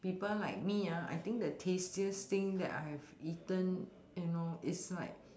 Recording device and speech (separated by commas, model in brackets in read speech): standing microphone, conversation in separate rooms